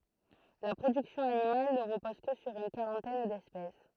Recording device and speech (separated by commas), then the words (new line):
throat microphone, read sentence
La production animale ne repose que sur une quarantaine d'espèces.